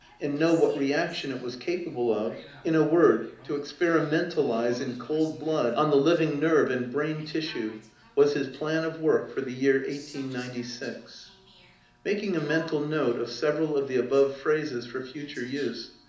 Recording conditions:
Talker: one person; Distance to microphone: 2.0 m; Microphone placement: close; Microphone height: 99 cm; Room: medium-sized (5.7 m by 4.0 m); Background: television

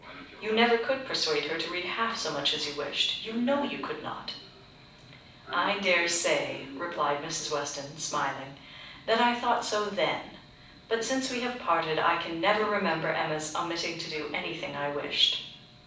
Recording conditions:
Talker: one person; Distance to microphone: 5.8 m; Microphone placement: far; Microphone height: 1.8 m; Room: medium-sized (5.7 m by 4.0 m); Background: television

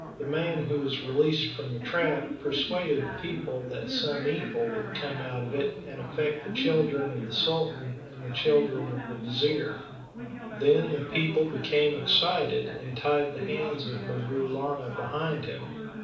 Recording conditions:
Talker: one person; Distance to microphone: 5.8 m; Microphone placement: far; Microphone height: 1.8 m; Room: medium-sized (5.7 m by 4.0 m); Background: babble

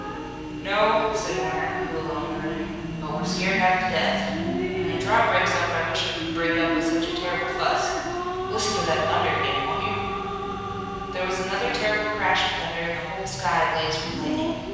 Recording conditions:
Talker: one person; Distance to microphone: 7.1 m; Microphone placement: far; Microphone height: 1.7 m; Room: very reverberant, large; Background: television

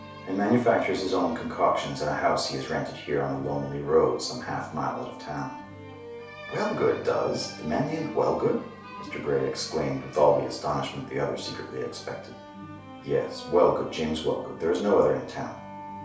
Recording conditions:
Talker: one person; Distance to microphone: 3.0 m; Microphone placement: far; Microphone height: 1.8 m; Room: small (3.7 m by 2.7 m); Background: music

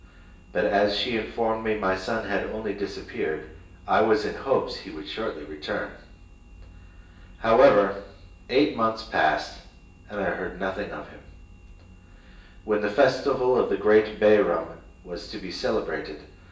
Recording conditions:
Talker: one person; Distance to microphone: 1.8 m; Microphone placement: close; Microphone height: 1.0 m; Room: large; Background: none

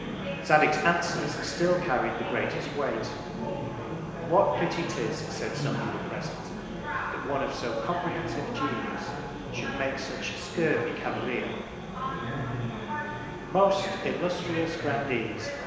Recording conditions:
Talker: one person; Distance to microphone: 1.7 m; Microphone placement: close; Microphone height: 1.0 m; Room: very reverberant, large; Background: babble

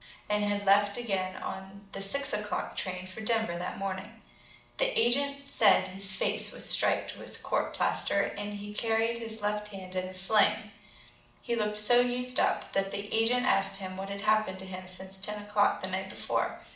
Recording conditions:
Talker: one person; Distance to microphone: 2.0 m; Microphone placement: close; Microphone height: 99 cm; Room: medium-sized (5.7 m by 4.0 m); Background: none

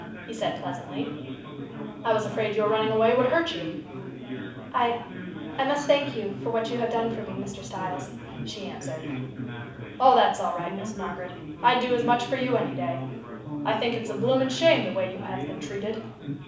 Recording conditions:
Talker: one person; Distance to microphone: 5.8 m; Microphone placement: far; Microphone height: 1.8 m; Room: medium-sized (5.7 m by 4.0 m); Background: babble

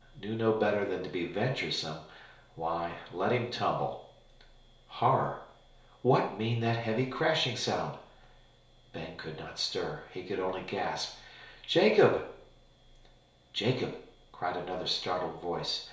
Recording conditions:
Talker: one person; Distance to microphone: 1.0 m; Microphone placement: close; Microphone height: 1.1 m; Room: small (3.7 m by 2.7 m); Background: none

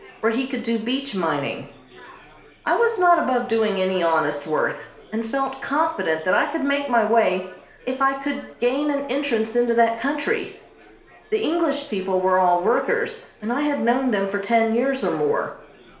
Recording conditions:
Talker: one person; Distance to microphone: 1.0 m; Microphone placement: close; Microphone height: 1.1 m; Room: small (3.7 m by 2.7 m); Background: babble

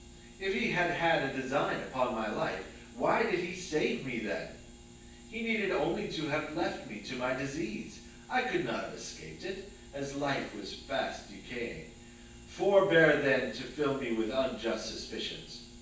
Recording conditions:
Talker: one person; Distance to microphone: 9.8 m; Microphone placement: far; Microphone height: 1.8 m; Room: large; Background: none

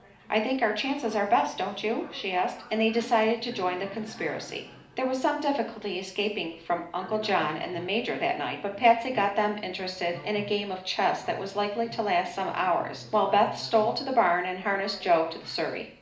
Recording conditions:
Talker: one person; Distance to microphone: 2.0 m; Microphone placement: close; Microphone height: 99 cm; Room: medium-sized (5.7 m by 4.0 m); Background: television

